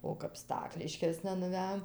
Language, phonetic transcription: Lithuanian, o kap ˈstakliškėsna nuˈvejom

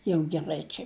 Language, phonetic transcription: Lithuanian, jau geˈrai ˈčia

